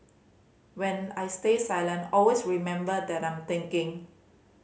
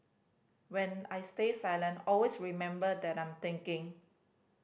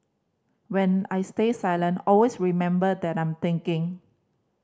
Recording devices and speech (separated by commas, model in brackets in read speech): mobile phone (Samsung C5010), boundary microphone (BM630), standing microphone (AKG C214), read sentence